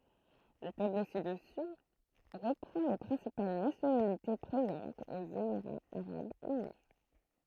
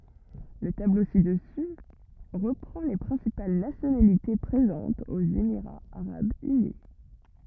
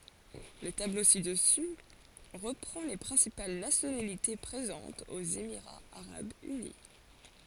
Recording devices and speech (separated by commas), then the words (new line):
throat microphone, rigid in-ear microphone, forehead accelerometer, read sentence
Le tableau ci-dessus reprend les principales nationalités présentes aux Émirats arabes unis.